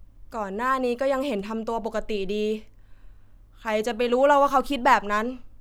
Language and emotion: Thai, frustrated